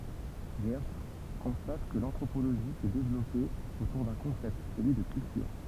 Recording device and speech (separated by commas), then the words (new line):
temple vibration pickup, read sentence
Geertz constate que l'anthropologie s'est développée autour d'un concept, celui de culture.